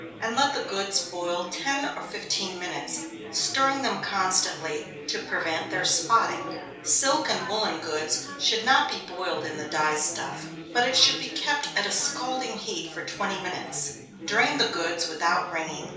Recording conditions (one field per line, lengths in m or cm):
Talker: one person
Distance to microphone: 3.0 m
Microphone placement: far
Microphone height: 1.8 m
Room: small (3.7 m by 2.7 m)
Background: babble